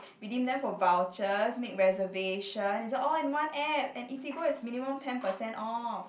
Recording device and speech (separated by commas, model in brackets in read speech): boundary microphone, conversation in the same room